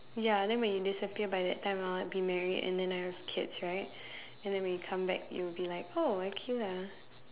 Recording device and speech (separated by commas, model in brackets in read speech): telephone, conversation in separate rooms